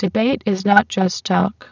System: VC, spectral filtering